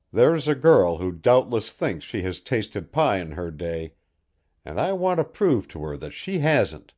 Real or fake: real